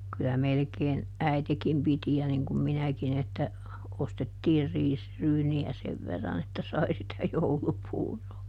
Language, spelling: Finnish, kyllä melkein äitikin piti ja niin kuin minäkin että ostettiin riisiryyniä sen verran että sai sitä joulupuuroa
- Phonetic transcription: kylä ˈmelᵉkeen , ˈäitekim piti ja niŋ kum ˈminäkin ‿että , ˈostettiir ˈriisryyni₍ä "sev verran ‿että ˈsai sitä "joulupuuroo .

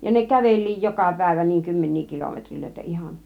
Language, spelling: Finnish, ja ne käveli joka päivä niin kymmeniä kilometrejä ihan
- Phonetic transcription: ja ne "käveĺliij 'joka 'päivä (niiŋ) 'kymmennii 'kilometrilöitä 'ihan .

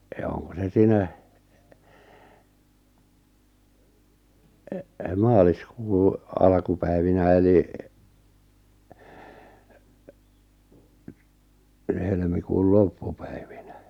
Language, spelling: Finnish, ja onko se siinä maaliskuun alkupäivinä eli helmikuun loppupäivinä
- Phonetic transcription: ja 'oŋko se 'siinä , 'maaliskuu , 'alkupäivinä 'eli , 'helmikuul "loppᴜpᴀ̈ɪᴠɪɴᴀ̈ .

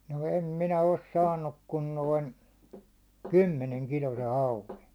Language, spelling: Finnish, no en minä ole saanut kuin noin kymmenen kiloisen hauen
- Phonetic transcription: no 'em 'minä os "saannuk kun 'noin , "kymmeneŋ 'kilose 'hauve .

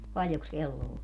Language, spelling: Finnish, paljonkos kello on
- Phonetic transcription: 'paljoks 'kello o ?

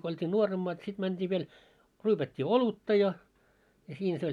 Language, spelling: Finnish, kun oltiin nuoremmat sitten mentiin vielä ryypättiin olutta ja ja siinä se oli
- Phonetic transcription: ko olt́ii 'nuoremmaat sit mänt́ii viel , 'ryypät́t́ii "olutta ja , ja 'siinᵃ̈ se oĺ .

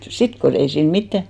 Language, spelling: Finnish, sitten kun ei siinä mitään
- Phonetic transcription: "sit ko 'ei siin 'mittä ,.

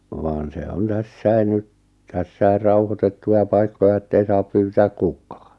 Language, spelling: Finnish, vaan se on tässäkin nyt tässä rauhoitettuja paikkoja että ei saa pyytää kukaan
- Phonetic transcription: vaan se 'on 'tässäi 'nyt , 'tässäi 'rauhotettuʲa 'paikkoʲa 'ettei saap 'pyytääk "kuk̆kᴀᴀ .

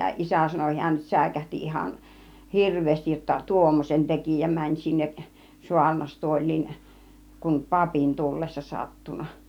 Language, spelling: Finnish, isä sanoi hän säikähti ihan hirveästi jotta tuommoisen teki ja meni sinne saarnastuoliin kun papin tullessa sattunut
- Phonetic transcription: 'isä sano hiän 'sä̀ikähti ihan , "hirv̆veestij jotta , "tuommosen 'tekì ja 'mäń sinneˀ , 'suarnastuoĺ̆liin , kum "papin 'tullessa 'sattun̆na .

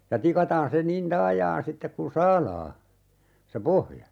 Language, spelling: Finnish, ja tikataan se niin taajaan sitten kuinka saadaan se pohja
- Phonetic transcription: ja 'tikataan se 'nin "taajaan 'sittek kun̬ "saalaa , se 'pohja .

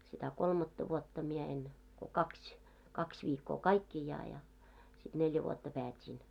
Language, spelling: Finnish, sitä kolmatta vuotta minä en kun kaksi kaksi viikkoa kaikkiaan ja sitten neljä vuotta päätin
- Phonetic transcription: sitä "kolmatta 'vuotta mie en , ko 'kakś , 'kakś viikkoo "kaikkìjaa ja , sit 'neljä vuotta 'päät́iin .

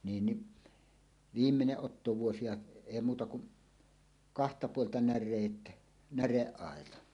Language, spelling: Finnish, niin niin viimeinen ottovuosi ja ei muuta kuin kahta puolta näreet näreaitaan
- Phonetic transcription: 'niin ni , "viimmeneˀ "ˀottovuosi ja , "èi 'muuta kuˀ , "kahta 'puolta "när̆reet , "näreˀˀàeta .

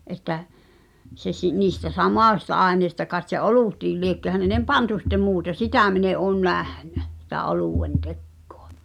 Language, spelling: Finnish, että se - niistä samoista aineista kai se olutkin liekö häneen pantu sitten muuta sitä minä en ole nähnyt sitä oluen tekoa
- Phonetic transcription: ’et̆tä , se s- , niistä "sam(ò)sta '’àenèi̬sta kaet se "’olùtiil liekkö hännèm "pantu sit̆te 'muuta "sitä̀ min ‿e ’òn 'nähɴä , sⁱtä 'olùwen "tekkᴏᴀ .

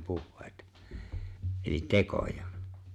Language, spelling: Finnish, puheita eli tekoja
- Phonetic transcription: 'puhhe̬e̬ⁱta , ’elit "tekoja .

